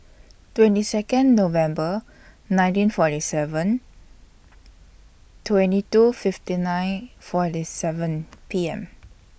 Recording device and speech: boundary microphone (BM630), read sentence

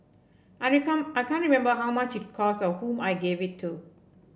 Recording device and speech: boundary microphone (BM630), read sentence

